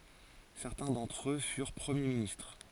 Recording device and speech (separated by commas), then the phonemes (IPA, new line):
forehead accelerometer, read sentence
sɛʁtɛ̃ dɑ̃tʁ ø fyʁ pʁəmje ministʁ